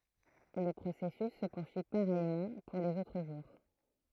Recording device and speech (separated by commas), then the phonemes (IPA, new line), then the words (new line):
throat microphone, read sentence
lə pʁosɛsys sə puʁsyi paʁɛjmɑ̃ puʁ lez otʁ ʒuʁ
Le processus se poursuit pareillement pour les autres jours.